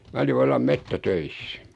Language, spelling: Finnish, minä olin vallan metsätöissä
- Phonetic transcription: 'mä oli 'vallam "mettä'töissÄ .

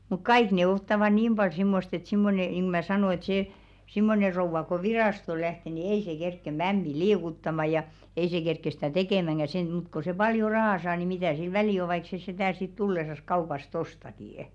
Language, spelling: Finnish, mutta kaikki ne ottavat niin paljon semmoista että semmoinen niin kuin minä sanon että se semmoinen rouva kun virastoon lähtee niin ei se kerkeä mämmiä liikuttamaan ja ei se kerkeä sitä tekemäänkään sen mutta kun se paljon rahaa saa niin mitä sillä väliä on vaikka se sitä sitten tullessa kaupasta ostaakin
- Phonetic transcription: muk "kaik ne 'ottava 'niim ʙal 'simmost ‿et simmone niŋ G§ᵘ mä "sanò ĕt 'see , "simmone 'rouv̆va ko "viràsto 'lähte ni 'ei 'se 'kerkke "mämmi "liikuttama ja , "ei se 'kerkke stä̀ "tekèmäŋɢä sen mut ko se 'paljo "rahà saa ni 'mitä̀ sil "välì o vaik se s̳§etä̀ sit 'tullesas 'kaupast "ostakì₍ᵊ .

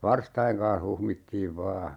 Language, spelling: Finnish, varstojen kanssa huhmittiin vain
- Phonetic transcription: "varstajeŋ kan̬h 'huhmittiiv 'vaa .

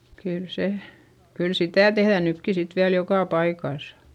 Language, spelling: Finnish, kyllä se kyllä sitä tehdään nytkin sitten vielä joka paikassa
- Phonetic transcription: kyl se , kyl sitä̀ tehδä̀ nykki sit viäl jokà paikàsA .

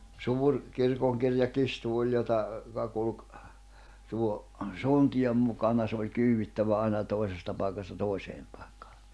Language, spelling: Finnish, suuri kirkonkirjakirstu oli jota joka kulki tuon suntion mukana se oli kyydittävä aina toisesta paikasta toiseen paikkaan
- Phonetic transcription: 'suur , 'kirkoŋkirja'kistu oĺ jota , joka kulᵘk , 'tuo , 'suntijom mukana s ‿oĺ 'kyywwittävä 'aina , 'toi̬sesta pàikasta 'tòiseem pᴀᴇkkᴀᴀ .

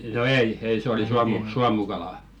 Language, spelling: Finnish, no ei ei se oli - suomukala
- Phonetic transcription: no "ei , 'ei se oli 'suamu- "suamukalà .

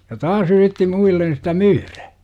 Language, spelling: Finnish, ja taas yritti muille sitä myydä
- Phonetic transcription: ja "taas yritti 'muillen sitä "myyrä .

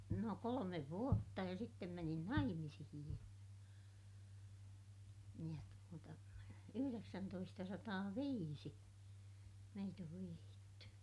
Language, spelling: Finnish, no kolme vuotta ja sitten menin naimisiin ja ja tuota yhdeksäntoistasataaviisi meitä on vihitty
- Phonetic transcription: no kolomev vuotta ja sittem menin naimisihij ja , ja tuota , yhyreksäntoistasataaviisi , meit ‿ov vihiitty .

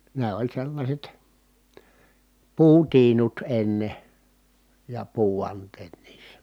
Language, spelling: Finnish, ne oli sellaiset puutiinut ennen ja puuvanteet niissä
- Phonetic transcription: ne oĺ sellaśet , puutiinut enne , ja puuvant̀eet niissÄ .

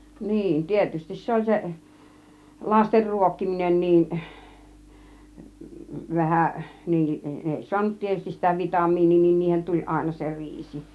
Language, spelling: Finnish, niin tietysti se oli se lasten ruokkiminen niin vähän niin ne ei saanut tietysti sitä vitamiinia niin niihin tuli aina se riisi
- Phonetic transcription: 'niin , 'tietystis se "oĺ 'se , 'laster "ruokkiminen niin , "vähäˀ , niin , 'ne 'èi "suanut 'tietystis sitä "vitamiiǹii niin 'niihen tuĺ 'àina se "riisi .

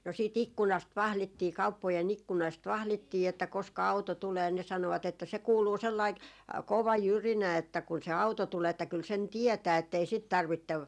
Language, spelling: Finnish, no siitä ikkunasta vahdittiin kauppojen ikkunasta vahdittiin että koska auto tulee ne sanoivat että se kuuluu sellainen kova jyrinä että kun se auto tulee että kyllä sen tietää että ei sitten tarvitse
- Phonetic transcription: no sii"t ‿ikkunast "vahlittii 'kauppoje'n ‿ikkunàst "vahlittii että koska 'auto tulee ne 'sanovat ‿että » se 'kuuluu 'sellaik , 'kova "jyrinä että kun se "auto tulee että kyl 'sen "tiɛtää ettei 'sit 'tarvittev ,.

